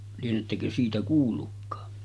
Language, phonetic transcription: Finnish, lienettäkö siitä 'kuullukkaa .
- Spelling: lienettekö siitä kuullutkaan

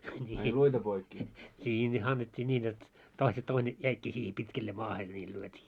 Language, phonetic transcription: Finnish, ńii , ńii ne 'annet́t́ii 'ńiin jot , toise 'toine , 'jäikkii siihe 'pitkelle 'maahe niil 'lyöt́ii .
- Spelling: niin niin ne annettiin niin jotta toisen toinen jäikin siihen pitkälleen maahan niillä lyötiin

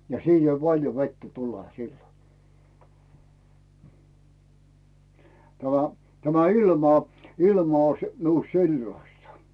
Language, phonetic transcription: Finnish, ja 'siin ei "paĺjo 'vettä tule 'sillo , tämä , tämä 'ilma , 'ilma oⁱs 'miust "si̬llasta .
- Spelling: ja siinä ei paljon vettä tule silloin tämä tämä ilma ilma olisi minusta sellaista

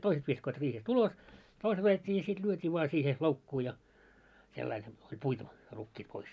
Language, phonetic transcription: Finnish, 'toiset viskoit riihes't ‿ulos , 'toiset ajet́t́ii ja sit 'lyöt́ii voa 'siihe , 'loukkuu ja , sellail , oĺ "puitu , 'rukkiit pois .
- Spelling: toiset viskoivat riihestä ulos toiset ajettiin ja sitten lyötiin vain siihen loukkuun ja sillä lailla oli puitu rukiit pois

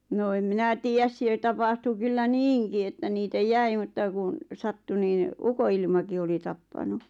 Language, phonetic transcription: Finnish, noo em 'minä tiijäs siel 'tapahtu kyllä "niiŋki että 'niitä "jäi mutta kun̬ , 'sattu niiⁿ , 'uko₍ilmaki oli 'tappanu .
- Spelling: no en minä tiedä siellä tapahtui kyllä niinkin että niitä jäi mutta kun sattui niin ukonilmakin oli tappanut

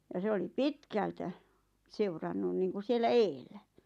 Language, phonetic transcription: Finnish, ja 'se oli "pitkältä , 'seurannun niiŋku 'siellä "eel̆lä .
- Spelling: ja se oli pitkältä seurannut niin kuin siellä edellä

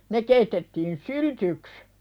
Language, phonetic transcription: Finnish, ne keitettiin "syltyks .
- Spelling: ne keitettiin syltyksi

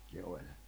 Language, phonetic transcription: Finnish, ne oĺ .
- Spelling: ne oli

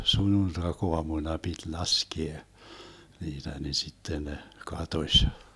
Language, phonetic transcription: Finnish, 'sunnuntak'oamuna 'pit "laskie , 'niitä ni 'sitten ne , "katoś .
- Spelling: sunnuntaiaamuna piti laskea niitä niin sitten ne katosi

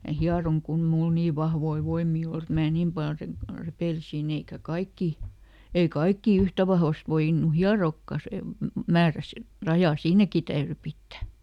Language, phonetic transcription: Finnish, mä ˈhiaroŋ kun ‿ᵉ ˈmul "nii vahvoi ˈvoimmii oˈl ‿et mää "niim pal re- , ˈrepèlisin ‿eikä ˈkaikki , ei "kaikkì ˈyhtä vahvast ˈvoin̆nu ˈhiarookka sem- , ˈmäärä si- , ˈrajà "siinäki täyry ˈpittä .
- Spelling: minä hieroin kun ei minulla niin vahvoja voimia ole että minä niin paljon - repeilisin eikä kaikki ei kaikki yhtä vahvasti voinut hieroakaan - määrä - raja siinäkin täytyi pitää

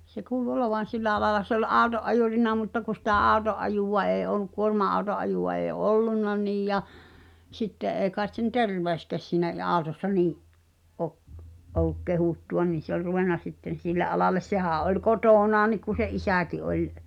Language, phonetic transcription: Finnish, se 'kuulu 'olovan̬ "sillä alala se ‿ol "’àu̬to’ ’ajùrina mutta ku sⁱtä '’àu̬to’ ’ajùva ee ol̆luk 'kuorma₍au̬to’ ’ajùʷa ee "ollunna 'niij ja , 'sⁱtte’ ’ee käet sen "terveöskä̳s siinä ⁱ- àu̬tossa 'nii’ , ’o’- , ’o(ll)uk "kehùttu₍a nin̬ se ‿oĺ 'ruvenna sitten̬ 'sille’ '’alales 'sehä̀ᵃ̈ ’oĺ "kotònaan̆nik ku se’ "’isä̀ki oĺ ,.
- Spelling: se kuului olevan sillä alalla se oli auton ajurina mutta kun sitä auton ajoa ei ollut kuorma-auton ajoa ei ollut niin ja sitten ei kai sen terveyskään siinä - autossa niin - ollut kehuttua niin se oli ruvennut sitten sille alalle sehän oli kotonaankin kun sen isäkin oli

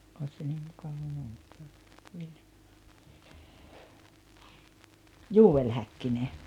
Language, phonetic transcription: Finnish, 'òis se niim 'mukava muistaa , "Juu₍el 'Häkkine .
- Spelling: olisi se niin mukava muistaa Joel Häkkinen

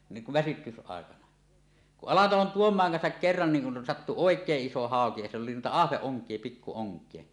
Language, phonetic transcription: Finnish, niiŋ kuv väsytys'àekana , kuˀ 'ˀAlatalon "Tuom̀aaŋ kansak 'kerran niiŋ kun sattu "òek̀eeˀ "ˀiso 'haoki ja sill ‿oli nuita "ahveˀ-ˀoŋk̀ie 'pikku 'oŋk̀ie .
- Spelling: niin kuin väsytysaikana kun Alatalon Tuomaan kanssa kerran niin kun sattui oikein iso hauki ja sillä oli noita ahvenonkia pikku onkia

